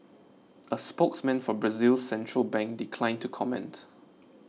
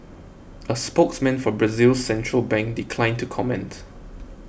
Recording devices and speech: mobile phone (iPhone 6), boundary microphone (BM630), read sentence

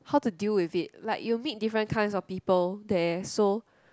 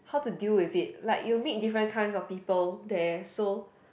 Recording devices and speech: close-talking microphone, boundary microphone, conversation in the same room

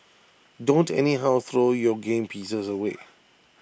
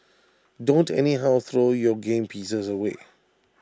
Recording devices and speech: boundary microphone (BM630), standing microphone (AKG C214), read sentence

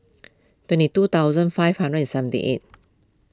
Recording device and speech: close-talking microphone (WH20), read sentence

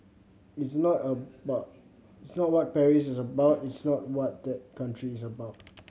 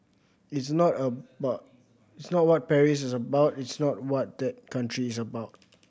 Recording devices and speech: mobile phone (Samsung C7100), boundary microphone (BM630), read sentence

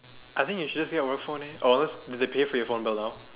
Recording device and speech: telephone, conversation in separate rooms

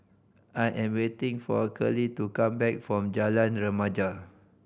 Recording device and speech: boundary microphone (BM630), read sentence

